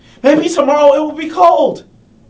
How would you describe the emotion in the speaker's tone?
angry